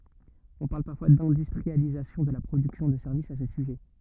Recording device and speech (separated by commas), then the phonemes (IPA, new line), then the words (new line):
rigid in-ear microphone, read sentence
ɔ̃ paʁl paʁfwa dɛ̃dystʁializasjɔ̃ də la pʁodyksjɔ̃ də sɛʁvisz a sə syʒɛ
On parle parfois d'industrialisation de la production de services à ce sujet.